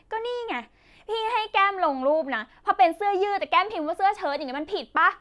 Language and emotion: Thai, angry